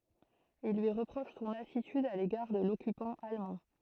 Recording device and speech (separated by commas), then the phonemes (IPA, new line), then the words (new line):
throat microphone, read sentence
il lyi ʁəpʁoʃ sɔ̃n atityd a leɡaʁ də lɔkypɑ̃ almɑ̃
Ils lui reprochent son attitude à l'égard de l'occupant allemand.